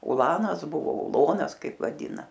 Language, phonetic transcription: Lithuanian, uˈlanas ˈbuvo uˈlonas ˈkaip vaˈdyna

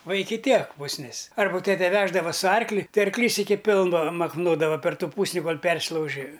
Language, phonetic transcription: Lithuanian, ˈva ˈiki ˈtiek pusˈnis ˈarba ˈtete ˈveždava su ˈarkli ˈtai arkˈlys ˈiki ˈpilva makˈnodava per ˈtų ˈpūsni kol ˈpersilauži

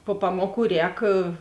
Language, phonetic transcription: Lithuanian, po ˈpamoˌkų ˈrēk

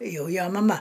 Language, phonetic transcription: Lithuanian, ˈjau ˈjo maˈma

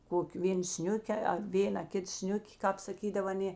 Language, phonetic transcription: Lithuanian, ˈkoki ˈvėn ˈsniuke a ˈvėna ˈkit ˈsniuki kāp saˈkydav aˈnė

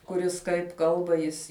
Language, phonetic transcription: Lithuanian, kuˈris kaip ˈkalba ˈjis

